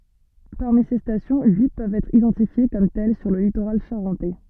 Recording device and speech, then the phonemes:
soft in-ear microphone, read sentence
paʁmi se stasjɔ̃ yi pøvt ɛtʁ idɑ̃tifje kɔm tɛl syʁ lə litoʁal ʃaʁɑ̃tɛ

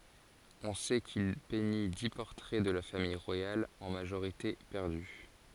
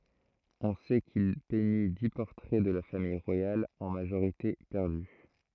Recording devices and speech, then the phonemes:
forehead accelerometer, throat microphone, read sentence
ɔ̃ sɛ kil pɛɲi di pɔʁtʁɛ də la famij ʁwajal ɑ̃ maʒoʁite pɛʁdy

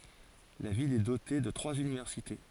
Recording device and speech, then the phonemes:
forehead accelerometer, read sentence
la vil ɛ dote də tʁwaz ynivɛʁsite

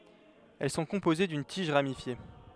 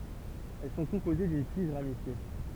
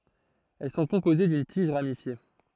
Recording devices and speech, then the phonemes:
headset microphone, temple vibration pickup, throat microphone, read sentence
ɛl sɔ̃ kɔ̃poze dyn tiʒ ʁamifje

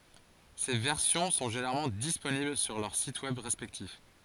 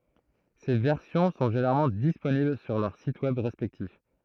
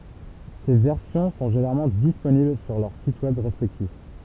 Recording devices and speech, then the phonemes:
forehead accelerometer, throat microphone, temple vibration pickup, read sentence
se vɛʁsjɔ̃ sɔ̃ ʒeneʁalmɑ̃ disponibl syʁ lœʁ sit wɛb ʁɛspɛktif

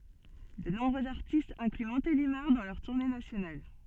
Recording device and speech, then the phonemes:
soft in-ear microphone, read sentence
də nɔ̃bʁøz aʁtistz ɛ̃kly mɔ̃telimaʁ dɑ̃ lœʁ tuʁne nasjonal

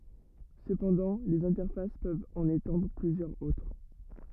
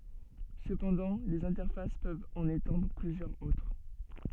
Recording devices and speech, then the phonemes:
rigid in-ear microphone, soft in-ear microphone, read sentence
səpɑ̃dɑ̃ lez ɛ̃tɛʁfas pøvt ɑ̃n etɑ̃dʁ plyzjœʁz otʁ

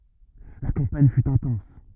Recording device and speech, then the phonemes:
rigid in-ear microphone, read sentence
la kɑ̃paɲ fy ɛ̃tɑ̃s

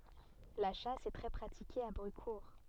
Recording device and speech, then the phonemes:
soft in-ear microphone, read sentence
la ʃas ɛ tʁɛ pʁatike a bʁykuʁ

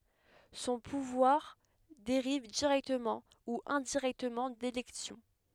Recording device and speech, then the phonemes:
headset microphone, read sentence
sɔ̃ puvwaʁ deʁiv diʁɛktəmɑ̃ u ɛ̃diʁɛktəmɑ̃ delɛksjɔ̃

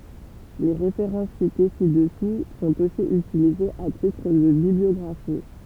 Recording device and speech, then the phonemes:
temple vibration pickup, read sentence
le ʁefeʁɑ̃s site si dəsu sɔ̃t osi ytilizez a titʁ də bibliɔɡʁafi

